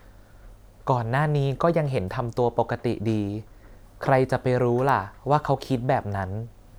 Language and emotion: Thai, neutral